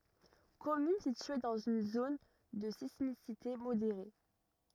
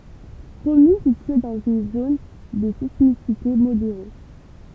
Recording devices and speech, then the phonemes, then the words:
rigid in-ear microphone, temple vibration pickup, read sentence
kɔmyn sitye dɑ̃z yn zon də sismisite modeʁe
Commune située dans une zone de sismicité modérée.

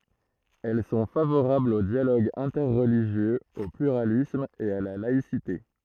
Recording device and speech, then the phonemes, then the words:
throat microphone, read sentence
ɛl sɔ̃ favoʁablz o djaloɡ ɛ̃tɛʁliʒjøz o plyʁalism e a la laisite
Elles sont favorables au dialogue interreligieux, au pluralisme, et à la laïcité.

